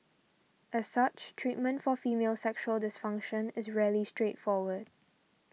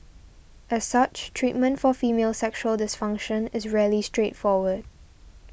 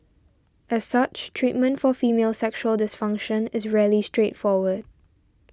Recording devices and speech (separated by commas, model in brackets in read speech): mobile phone (iPhone 6), boundary microphone (BM630), standing microphone (AKG C214), read sentence